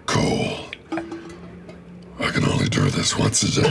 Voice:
deeply